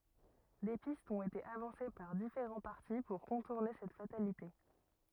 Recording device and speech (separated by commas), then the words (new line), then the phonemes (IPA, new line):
rigid in-ear microphone, read sentence
Des pistes ont été avancées par différents partis pour contourner cette fatalité.
de pistz ɔ̃t ete avɑ̃se paʁ difeʁɑ̃ paʁti puʁ kɔ̃tuʁne sɛt fatalite